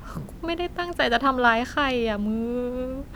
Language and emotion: Thai, sad